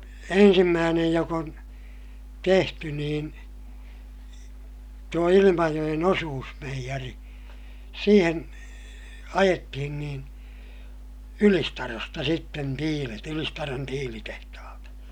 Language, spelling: Finnish, ensimmäinen joka on tehty niin tuo Ilmajoen osuusmeijeri siihen ajettiin niin Ylistarosta sitten tiilet Ylistaron tiilitehtaalta
- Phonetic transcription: ensimmäänej jok ‿on , tehty niin , tuo Ilimajoʲen osuusmeijäri , siiheŋ , ajettihin niin , Ylistarosta sitten tiilet - Ylistaron tiilitehtahalta .

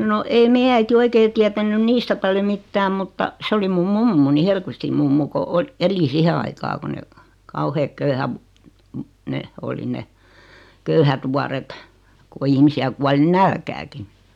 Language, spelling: Finnish, no ei meidän äiti oikein tiennyt niistä paljon mitään mutta se oli minun mummoni Hellqvistin mummo kun - eli siihen aikaa kun ne kauheat - ne oli ne köyhät vuodet kun ihmisiä kuoli nälkäänkin
- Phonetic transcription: 'no ei "meijä äiti 'oikee tiätän̆nyn 'niistä paljo mittääm 'mutta , 'se oli 'mum "mummuni 'Helkvistim mummu ko o- , 'eli 'sihe aikaa 'ko ne , 'kauheek 'köyhäv- , 'ne , oli 'ne , "köyhät vuaret , ko 'ihmisi₍ä kuali "nälkääki .

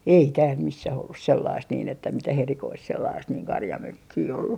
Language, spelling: Finnish, ei täällä missään ollut sellaista niin että mitään erikoista sellaista niin karjamökkiä ollut
- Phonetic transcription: 'ei tääl 'missäh ollus "sellaist niin ‿että 'mitäh 'erikoist sellaast niiŋ 'karjamökkii ollu .

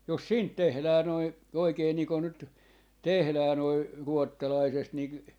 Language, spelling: Finnish, jos siitä tehdään noin oikein niin kuin nyt tehdään noin ruotsalaisesta niin
- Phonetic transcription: 'jos "siint 'tehlää noi , 'oikee nii kon nyt , "tehlää noi , 'ruottalaisest ni ,.

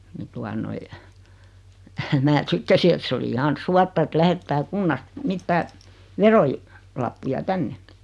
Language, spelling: Finnish, niin tuota noin minä sitten sieltä se oli ihan suotta että lähettää kunnasta mitään - verolappuja tänne
- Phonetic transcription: 'ni tua noi , mä 'sitte sie̳lt 'se oli 'ihan "suatta et 'lähettää "kunnast , 'mittää , "veroi- , 'lappuja "tänne .

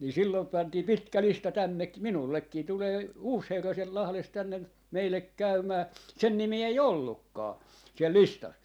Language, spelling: Finnish, niin silloin pantiin pitkä lista - minullekin tulee uusi herra sieltä Lahdesta tänne meille käymään sen nimeä ei ollutkaan siellä listassa
- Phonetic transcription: ni 'sillom 'pantii "pitkä "lista 'tännek- , 'minullekkii tulee , 'uus 'herra siel Lahlest tänne , 'meillek 'käymää , 'sen 'nimii 'ei "ollukkaa , siel "listas .

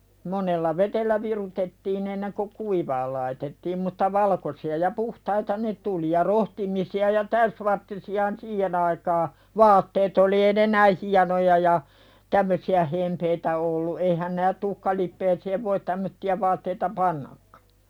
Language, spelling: Finnish, monella vedellä virutettiin ennen kuin kuivamaan laitettiin mutta valkoisia ja puhtaita ne tuli ja rohtimisia ja täysvartisiahan siihen aikaa vaatteet oli ei ne näin hienoja ja tämmöisiä hempeitä ollut eihän - tuhkalipeään voi tämmöisiä vaatteita pannakaan
- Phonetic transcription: monella 'veteliä "virutettiin ‿enneŋko "kuivaal laitettiim mutta "valkosi₍a ja "puhtaita ne 'tuli ja 'rohtimisi₍a ja 'täysvarttisi₍ahan "siihen ‿aikaa , "vaatteet ‿oli eeⁱ ne "näi 'hianoja ja , "tämmösi₍ä 'hempeitä ollu eihän näät- tuhkalippeeseev voit 'tämmötti₍ä vaatteita "pannakkᴀ .

